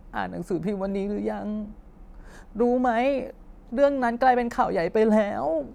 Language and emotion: Thai, sad